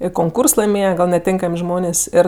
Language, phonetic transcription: Lithuanian, ir konˈkūrs laiˈmėje gal' neˈtėnkam' ˈžmonės' ˈėr

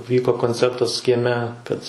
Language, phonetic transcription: Lithuanian, ˈvyko konˈcertas kieˈme ˈkad

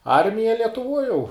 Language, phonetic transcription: Lithuanian, ˈarmija lietuˈvoj jau

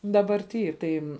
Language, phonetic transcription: Lithuanian, dabarˈty ˈtai

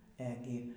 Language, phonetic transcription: Lithuanian, ˈegi

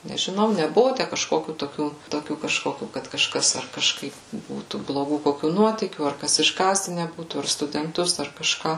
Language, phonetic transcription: Lithuanian, nežiˈnau neˈbuvu ˈtæ kažˈkokių toˈkių toˈkių kažˈkokių kad kažˈkas ar kažˈkaip ˈbūtų bloˈgų koˈkių ˈnuotykių ar ˈkas išˈgąsdine ˈbūtų ar studenˈtus ar kažˈką

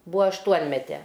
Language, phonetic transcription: Lithuanian, ˈbuvo ašˈtuonmete

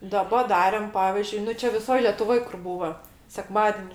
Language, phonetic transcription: Lithuanian, ˈdaba ˈdarėm ˈpavizdžiui ˈnu ˈčia viˈsoj letuˈvoj kur ˈbūva seˈkmadeni

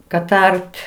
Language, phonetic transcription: Lithuanian, kad ˈart'

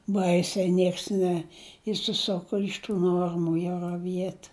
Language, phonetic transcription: Lithuanian, ˈbaisiai ˈnieks neišsiˈsuku iš ˈtų ˈnuormu jau raˈviet

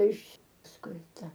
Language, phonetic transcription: Lithuanian, iš pasˈkui ˈta

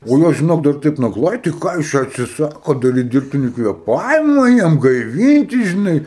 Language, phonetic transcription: Lithuanian, o ˈjos žiˈnok dar ˈtaip nagˈlai tai ˈką jūs ˈčia atsiˈsakot daˈryt dirbˈtini kvėˈpavima ˈjam gaiˈvynti žiˈnai

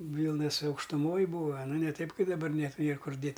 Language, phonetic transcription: Lithuanian, ˈvylnas aukštuˈmoj ˈbūa aˈna ne ˈtaip ˈkaip daˈbar net ˈnėr ˈkur ˈdėt

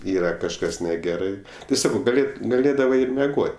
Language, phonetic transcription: Lithuanian, ˈyra kažˈkas neˈgerai ti ˈsakau gaˈlėd gaˈlėdavai ir meˈgot'

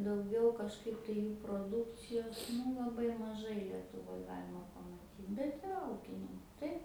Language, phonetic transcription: Lithuanian, dauˈgiau kažˈkaip tai ˈjų proˈdukcijos ˈnu laˈbai maˈžai lietuˈvoj ˈgalima pamaˈtyt bet iˈra ˈūkininku ˈtaip

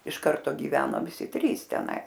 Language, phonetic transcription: Lithuanian, iš ˈkarto giˈveno viˈsi ˈtrys teˈnais

